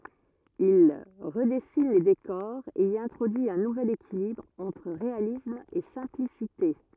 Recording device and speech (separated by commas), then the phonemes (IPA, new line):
rigid in-ear microphone, read sentence
il ʁədɛsin le dekɔʁz e i ɛ̃tʁodyi œ̃ nuvɛl ekilibʁ ɑ̃tʁ ʁealism e sɛ̃plisite